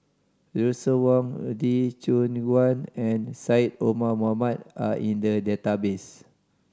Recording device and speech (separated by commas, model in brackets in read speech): standing microphone (AKG C214), read sentence